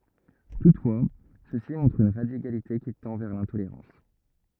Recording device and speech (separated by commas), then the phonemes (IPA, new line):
rigid in-ear microphone, read sentence
tutfwa sø si mɔ̃tʁt yn ʁadikalite ki tɑ̃ vɛʁ lɛ̃toleʁɑ̃s